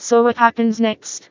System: TTS, vocoder